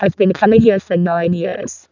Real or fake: fake